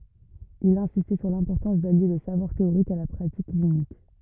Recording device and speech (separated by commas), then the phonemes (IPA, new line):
rigid in-ear microphone, read sentence
il ɛ̃sistɛ syʁ lɛ̃pɔʁtɑ̃s dalje lə savwaʁ teoʁik a la pʁatik klinik